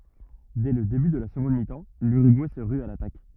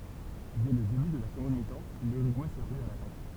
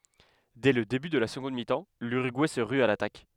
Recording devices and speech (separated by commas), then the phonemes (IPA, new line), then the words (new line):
rigid in-ear microphone, temple vibration pickup, headset microphone, read sentence
dɛ lə deby də la səɡɔ̃d mitɑ̃ lyʁyɡuɛ sə ʁy a latak
Dès le début de la seconde mi-temps, l'Uruguay se rue à l'attaque.